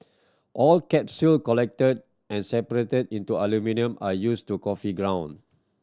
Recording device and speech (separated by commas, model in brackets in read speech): standing microphone (AKG C214), read sentence